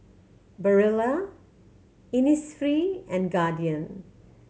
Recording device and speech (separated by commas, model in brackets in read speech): mobile phone (Samsung C7100), read sentence